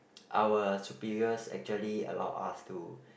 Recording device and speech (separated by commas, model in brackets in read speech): boundary microphone, conversation in the same room